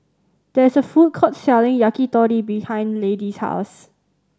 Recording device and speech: standing microphone (AKG C214), read sentence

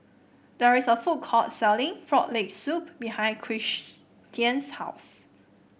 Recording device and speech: boundary microphone (BM630), read sentence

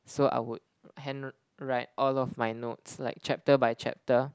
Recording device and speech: close-talking microphone, conversation in the same room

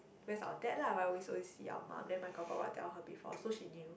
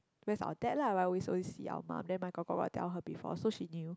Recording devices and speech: boundary microphone, close-talking microphone, conversation in the same room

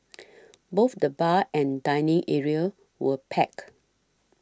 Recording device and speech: standing microphone (AKG C214), read sentence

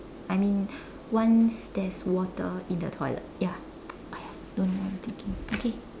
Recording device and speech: standing microphone, conversation in separate rooms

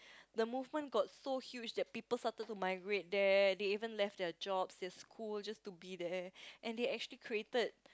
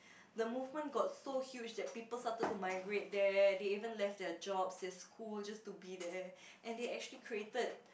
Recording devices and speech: close-talking microphone, boundary microphone, conversation in the same room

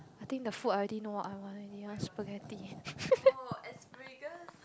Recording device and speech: close-talking microphone, conversation in the same room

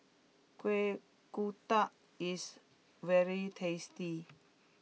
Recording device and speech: mobile phone (iPhone 6), read sentence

